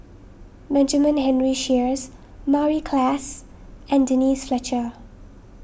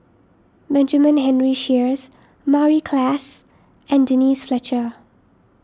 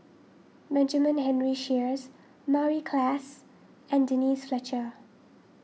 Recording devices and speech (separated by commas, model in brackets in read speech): boundary microphone (BM630), standing microphone (AKG C214), mobile phone (iPhone 6), read sentence